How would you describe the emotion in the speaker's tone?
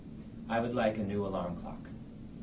neutral